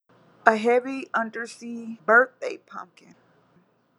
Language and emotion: English, fearful